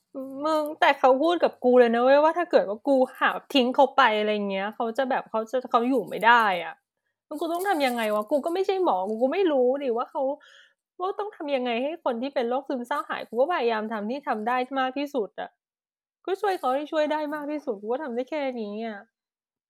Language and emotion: Thai, frustrated